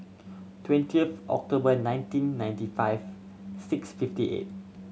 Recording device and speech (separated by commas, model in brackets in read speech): mobile phone (Samsung C7100), read sentence